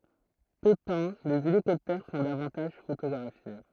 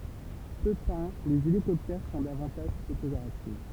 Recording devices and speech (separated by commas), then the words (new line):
throat microphone, temple vibration pickup, read sentence
Peu peints, les hélicoptères sont davantage photographiés.